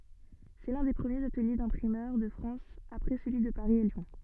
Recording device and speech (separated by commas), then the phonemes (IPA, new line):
soft in-ear microphone, read sentence
sɛ lœ̃ de pʁəmjez atəlje dɛ̃pʁimœʁ də fʁɑ̃s apʁɛ səlyi də paʁi e ljɔ̃